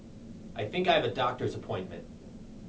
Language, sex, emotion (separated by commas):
English, male, neutral